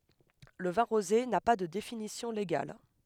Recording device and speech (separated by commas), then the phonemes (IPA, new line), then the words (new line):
headset microphone, read sentence
lə vɛ̃ ʁoze na pa də definisjɔ̃ leɡal
Le vin rosé n'a pas de définition légale.